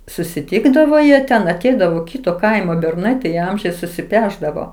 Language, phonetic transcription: Lithuanian, susiˈtikdavo jie ˈten aˈteidavo ˈkyto ˈkaimo berˈnai tai ˈamžiais susiˈpešdavo

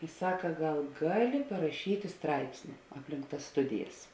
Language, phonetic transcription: Lithuanian, i ˈsaka ˈgal ˈgaˌli paraˈšyti ˈstraipsni ˈapˌlink tas ˈstudijas

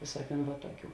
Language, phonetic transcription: Lithuanian, ˈvėsuoˌkiūn va ˈtuoˌkių

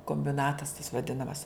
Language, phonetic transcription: Lithuanian, kombiˈnatas tas vaˈdinamas

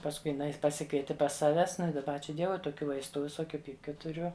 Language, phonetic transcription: Lithuanian, pasˈkui jiˈnai paˈsikvieti pas ˈsaves ˈnu i daˈba ˈačiū ˈdievui toˈkių ˈvaistu viˈsokiu ˈpypkiu tuˈriu

